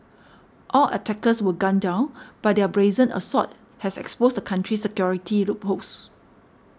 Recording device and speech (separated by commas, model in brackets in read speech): standing microphone (AKG C214), read sentence